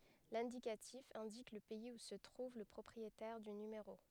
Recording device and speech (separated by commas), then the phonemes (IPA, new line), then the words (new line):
headset microphone, read sentence
lɛ̃dikatif ɛ̃dik lə pɛiz u sə tʁuv lə pʁɔpʁietɛʁ dy nymeʁo
L'indicatif indique le pays où se trouve le propriétaire du numéro.